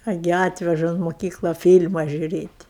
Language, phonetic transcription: Lithuanian, aˈgi ˈatveža un moˈkykla ˈfyl'ma žiūˈrėt'

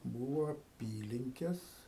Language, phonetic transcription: Lithuanian, ˈbūvo aˈpylinkes

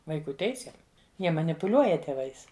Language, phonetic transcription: Lithuanian, vaiˈkų ˈteisėm ˈjie manipuˈliuoja tėˈvais

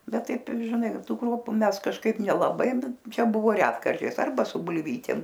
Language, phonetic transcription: Lithuanian, ˈbet ˈtaip žiˈnai ˈtų ˈkruopu ˈmes kažˈkaip nelaˈbai ˈčia ˈbuvo ˈretkarčiais ˈarba su bulˈvytėm

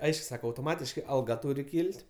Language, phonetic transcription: Lithuanian, ˈaišku ˈsaka autoˈmatiškai alˈga ˈtūri ˈkyl't'

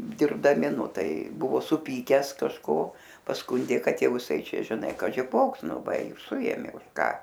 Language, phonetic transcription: Lithuanian, dirbdaˈmi ˈnu ˈtai ˈbuvo suˈpykęs kažˈko pasˈkundė ˈkad ˈjau iˈsai ˈčia žiˈnai kaži ˈkoks ˈnu ˈva i ir ˈsuėmė už ˈką

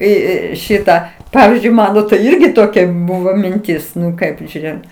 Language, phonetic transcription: Lithuanian, į ˈį ˈšitą ˈpavizdžiui ˈmano tai ˈirgi toˈkia ˈbūvo minˈtis ˈnu ˈkaip žiūˈrėjom

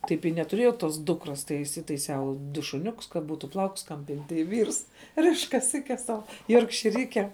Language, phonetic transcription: Lithuanian, ˈtaip i netuˈrėjau ˈtos ˈdukros tai isitaiˈsiau ˈdu šuˈniukus ka ˈbūtu ˈplaukus ˈkam ˈpint' tai ˈvyrs ˈriš kaˈsikes ˈsau jorkšiˈrykem

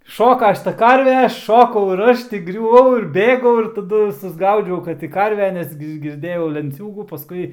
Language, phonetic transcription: Lithuanian, ˈšoka ˈšita ˈkarve ˈšokau ir ˈaš ti griuˈvau ir ˈbėgau ir taˈdu susˈgaudžiau ˈkad ti ˈkarve ˈnes gi girˈdėjau lenˈciūgų paˈskui

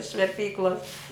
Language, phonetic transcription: Lithuanian, iš verˈpyklos

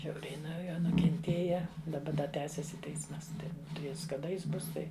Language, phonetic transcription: Lithuanian, ˈžiauriai nuo ˈjo nukenˈtėja i daˈba da ˈtęsiasi ˈteismas ˈtai ˈjis kaˈda ˈis ˈbus ˈtai

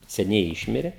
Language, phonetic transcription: Lithuanian, seˈniai ˈišmire

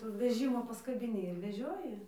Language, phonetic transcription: Lithuanian, ˈtų veˈžimo paskabiˈni ir veˈžioji

